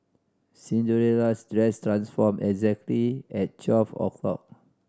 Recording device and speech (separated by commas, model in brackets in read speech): standing microphone (AKG C214), read sentence